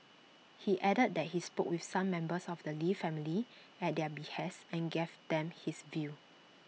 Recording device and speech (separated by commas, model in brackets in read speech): mobile phone (iPhone 6), read sentence